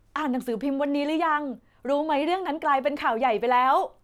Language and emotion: Thai, happy